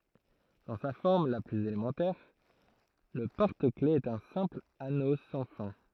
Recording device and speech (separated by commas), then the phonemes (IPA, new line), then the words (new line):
throat microphone, read sentence
dɑ̃ sa fɔʁm la plyz elemɑ̃tɛʁ lə pɔʁtəklɛfz ɛt œ̃ sɛ̃pl ano sɑ̃ fɛ̃
Dans sa forme la plus élémentaire, le porte-clefs est un simple anneau sans fin.